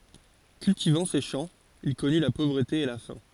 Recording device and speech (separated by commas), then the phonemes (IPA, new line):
forehead accelerometer, read sentence
kyltivɑ̃ se ʃɑ̃ il kɔny la povʁəte e la fɛ̃